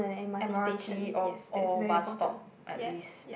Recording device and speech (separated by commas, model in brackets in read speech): boundary microphone, conversation in the same room